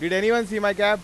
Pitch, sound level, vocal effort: 205 Hz, 100 dB SPL, very loud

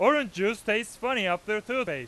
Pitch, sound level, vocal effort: 220 Hz, 103 dB SPL, very loud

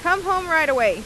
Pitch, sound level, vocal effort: 325 Hz, 95 dB SPL, loud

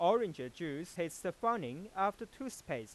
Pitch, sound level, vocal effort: 185 Hz, 96 dB SPL, loud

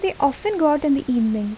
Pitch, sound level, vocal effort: 280 Hz, 78 dB SPL, soft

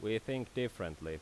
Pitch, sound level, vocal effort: 110 Hz, 85 dB SPL, loud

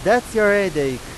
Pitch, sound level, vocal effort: 195 Hz, 100 dB SPL, very loud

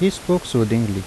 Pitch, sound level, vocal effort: 125 Hz, 80 dB SPL, normal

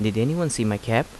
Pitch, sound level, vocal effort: 115 Hz, 81 dB SPL, normal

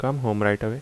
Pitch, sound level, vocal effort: 110 Hz, 80 dB SPL, normal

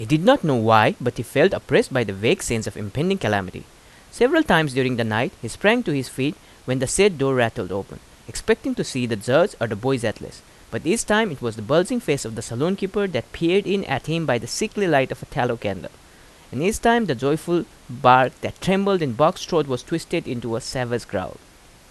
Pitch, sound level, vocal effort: 135 Hz, 86 dB SPL, loud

